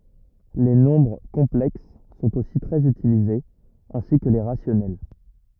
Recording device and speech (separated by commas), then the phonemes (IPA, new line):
rigid in-ear microphone, read sentence
le nɔ̃bʁ kɔ̃plɛks sɔ̃t osi tʁɛz ytilizez ɛ̃si kə le ʁasjɔnɛl